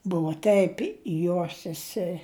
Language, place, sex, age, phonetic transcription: Lithuanian, Žemaitija, female, 60+, ˈbuvo ˈteip ˈjos seˈse

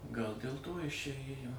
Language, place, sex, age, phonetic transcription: Lithuanian, Suvalkija, male, 60+, ˈgal dėl ˈto ˈjis čia ˈėjo

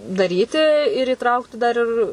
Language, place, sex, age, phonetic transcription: Lithuanian, Suvalkija, female, 18-60, daˈryti ir įˈtraukti dar ˈir

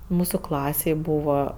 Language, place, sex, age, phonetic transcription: Lithuanian, Aukštaitija, female, 18-60, ˈmūsu ˈklasėj ˈbūva

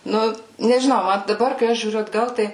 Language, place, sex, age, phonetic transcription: Lithuanian, Suvalkija, female, 18-60, ˈnu nežiˈnau ˈman daˈbar kai ˈaš žiūˈriu atˈgal ˈtai

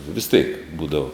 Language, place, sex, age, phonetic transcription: Lithuanian, Žemaitija, male, 60+, vis tėk ˈbūdavo

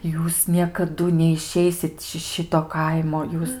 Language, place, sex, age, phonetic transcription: Lithuanian, Aukštaitija, female, 18-60, ˈjūs niekaˈdu neiˈšeisit ši ˈšito ˈkaimo ˈjūs

